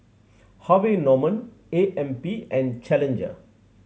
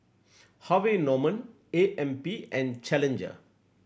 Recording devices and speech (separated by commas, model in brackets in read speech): mobile phone (Samsung C7100), boundary microphone (BM630), read sentence